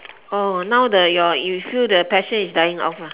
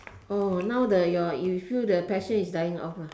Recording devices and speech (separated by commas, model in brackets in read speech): telephone, standing microphone, conversation in separate rooms